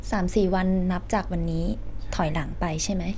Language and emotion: Thai, neutral